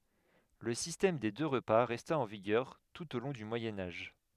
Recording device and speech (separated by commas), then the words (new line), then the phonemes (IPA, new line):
headset microphone, read sentence
Le système des deux repas resta en vigueur tout au long du Moyen Âge.
lə sistɛm de dø ʁəpa ʁɛsta ɑ̃ viɡœʁ tut o lɔ̃ dy mwajɛ̃ aʒ